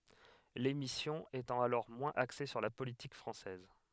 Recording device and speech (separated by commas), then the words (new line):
headset microphone, read sentence
L'émission étant alors moins axée sur la politique française.